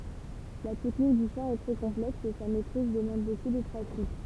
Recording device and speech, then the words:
temple vibration pickup, read sentence
La technique du chant est très complexe et sa maîtrise demande beaucoup de pratique.

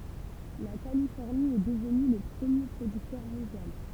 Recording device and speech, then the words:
temple vibration pickup, read sentence
La Californie est devenue le premier producteur mondial.

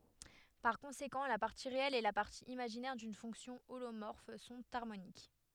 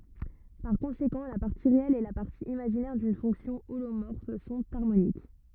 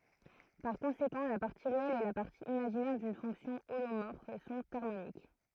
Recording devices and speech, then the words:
headset microphone, rigid in-ear microphone, throat microphone, read sentence
Par conséquent, la partie réelle et la partie imaginaire d'une fonction holomorphe sont harmoniques.

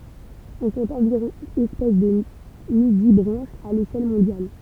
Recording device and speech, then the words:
temple vibration pickup, read sentence
On compte environ espèces de nudibranches à l'échelle mondiale.

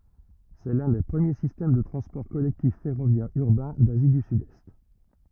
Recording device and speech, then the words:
rigid in-ear microphone, read sentence
C'est l'un des premiers systèmes de transports collectifs ferroviaires urbains d'Asie du Sud-Est.

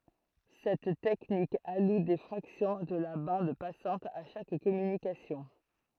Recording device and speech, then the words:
throat microphone, read sentence
Cette technique alloue des fractions de la bande passante à chaque communication.

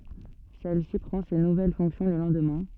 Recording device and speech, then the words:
soft in-ear microphone, read sentence
Celle-ci prend ses nouvelles fonctions le lendemain.

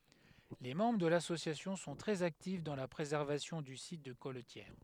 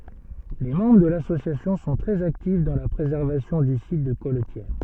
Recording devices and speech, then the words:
headset microphone, soft in-ear microphone, read sentence
Les membres de l'association sont très actifs dans la préservation du site de colletière.

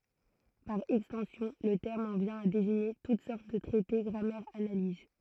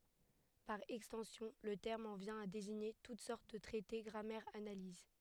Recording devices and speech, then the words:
throat microphone, headset microphone, read sentence
Par extension, le terme en vient à désigner toutes sortes de traités, grammaires, analyses.

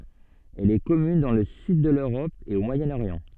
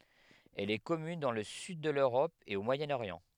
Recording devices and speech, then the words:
soft in-ear microphone, headset microphone, read sentence
Elle est commune dans le sud de l'Europe et au Moyen-Orient.

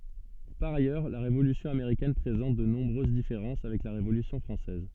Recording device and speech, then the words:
soft in-ear microphone, read sentence
Par ailleurs, la Révolution américaine présente de nombreuses différences avec la Révolution française.

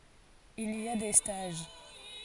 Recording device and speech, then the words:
forehead accelerometer, read sentence
Il y a des stages.

